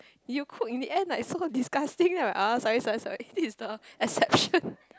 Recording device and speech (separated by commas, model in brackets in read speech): close-talking microphone, conversation in the same room